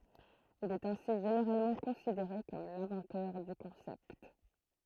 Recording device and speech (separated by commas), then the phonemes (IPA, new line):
throat microphone, read sentence
il ɛt ɛ̃si ʒeneʁalmɑ̃ kɔ̃sideʁe kɔm lɛ̃vɑ̃tœʁ dy kɔ̃sɛpt